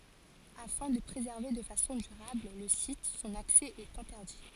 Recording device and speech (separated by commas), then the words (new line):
forehead accelerometer, read sentence
Afin de préserver de façon durable le site, son accès est interdit.